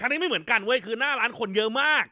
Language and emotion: Thai, angry